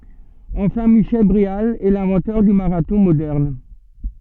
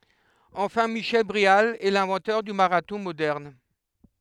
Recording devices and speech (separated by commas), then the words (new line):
soft in-ear microphone, headset microphone, read sentence
Enfin, Michel Bréal est l'inventeur du marathon moderne.